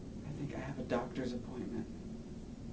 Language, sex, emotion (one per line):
English
male
neutral